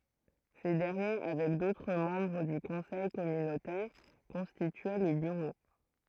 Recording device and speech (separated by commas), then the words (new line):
throat microphone, read sentence
Ces derniers, avec d'autres membres du conseil communautaire, constituaient le bureau.